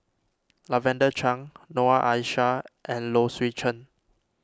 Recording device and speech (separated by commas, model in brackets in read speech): standing microphone (AKG C214), read sentence